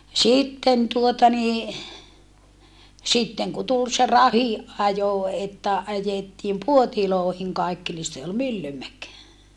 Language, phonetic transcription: Finnish, sitten tuota nii , sitteŋ ku tul se rahiʼ ʼajo että ajettiim Puotiloohiŋ kaikki ni se ol Myllymäk .
- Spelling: sitten tuota niin sitten kun tuli se rahdin ajo että ajettiin puoteihin kaikki niin se oli Myllymäki

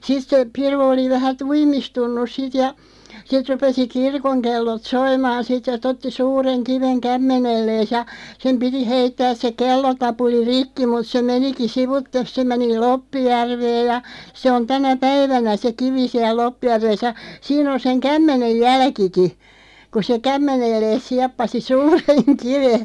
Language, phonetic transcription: Finnish, 'sit se , 'piru oli 'vähä "tuimistunnus 'sit ja , 'sit 'rupesi "kirkoŋkellot 'soimaan 'sit (ett-) ‿'otti "suureŋ 'kiveŋ "kämmenellees ja , 'sem piti 'heittääs se 'kellotapuli "rikki mut se 'meniki "sivuttes se 'meni "Loppijärveej ja , se on 'tänä "päivänä se "kivi 'siäˡ 'Loppijärves ja , 'siin ‿on 'seŋ "kämmenej "jälkiki , ku se "kämmenellees 'siappasi "suureŋ 'kive .
- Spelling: sitten se piru oli vähän tuimistunut sitten ja sitten rupesi kirkonkellot soimaan sitten että otti suuren kiven kämmenelleen ja sen piti heittää se kellotapuli rikki mutta se menikin sivuitse se meni Loppijärveen ja se on tänä päivänä se kivi siellä Loppijärvessä ja siinä on sen kämmenen jälkikin kun se kämmenelleen sieppasi suuren kiven

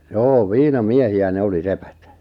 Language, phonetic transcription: Finnish, joo "viina"miehi₍ä 'ne oli "sepät .
- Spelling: joo viinamiehiä ne oli sepät

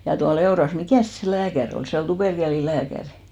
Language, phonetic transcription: Finnish, ja tua'l ‿Eoras , 'mikä̀s se "lääkär ‿ol , se ol 'tuperkeli'lääkärɪ .
- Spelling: ja tuolla Eurassa mikäs se lääkäri oli se oli tuperkelilääkäri

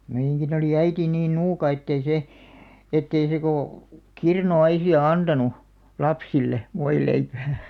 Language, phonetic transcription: Finnish, 'meiʲäŋkin ‿olì "äiti niin 'nuuka ettei 'se , 'ettei se kò , "kirnu₍'aisi₍a 'antanu , "lapsille , 'voileipää .
- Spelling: meidänkin oli äiti niin nuuka että ei se että ei se kuin kirnuaisia antanut lapsille voileipää

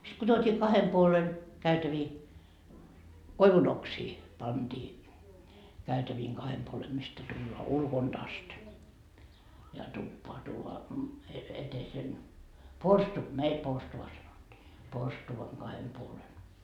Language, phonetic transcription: Finnish, sit ko tuot́ii 'kahem puolen , 'käytävii , "koivu'noksii , panDii , 'käytäviiŋ 'kahem puolem mistä tulloa 'ulkonD ast , ja 'tuppoa tuuvoa , et- , etesen , "porstu- , meil 'porstuva sanottii , "porstuvaŋ Gahem puolen .
- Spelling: sitten kun tuotiin kahden puolen käytäviä koivunoksia pantiin käytävien kahden puolen mistä tullaan ulkoa asti ja tupaan tuodaan - eteisen - meillä porstua sanottiin porstuan kahden puolen

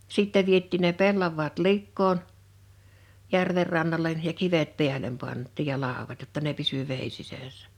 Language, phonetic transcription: Finnish, 'sìttɛ viet̆tiin ne 'pellav̆vaat 'likkoon , 'järver rannalen ja 'kivet 'pi̬älem 'pant̆tiij ja 'làowat jotta ne 'pisy 'vèi 'sisä̀ssᴀ̈ .
- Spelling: sitten vietiin ne pellavat likoon järven rannalle ja kivet päälle pantiin ja laudat jotta ne pysyi veden sisässä

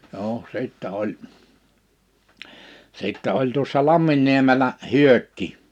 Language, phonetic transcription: Finnish, (n)oo , 'sìttɛ 'oĺ , 'sìttɛ oĺ tuossa 'Lamminniemelä "Hyökki .
- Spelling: no sitten oli sitten oli tuossa Lamminniemellä Hyökki

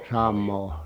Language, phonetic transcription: Finnish, sammoo .
- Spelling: samaa

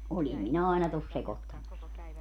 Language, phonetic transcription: Finnish, 'oĺim minä 'aina tos 'sekottamas(ki) .
- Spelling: olin minä aina tuossa sekoittamassakin

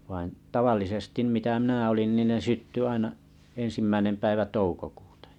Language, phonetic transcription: Finnish, vain 'tavallisestim mitä mⁱnä olin nìn ne 'sytty aina’ 'en̬simmäinem päivä 'toukokᴜᴜtᴀ .
- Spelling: vaan tavallisesti mitä minä olin niin ne syttyi aina ensimmäinen päivä toukokuuta

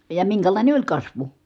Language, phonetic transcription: Finnish, ja miŋkälàine oĺ kasvu .
- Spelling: ja minkälainen oli kasvu

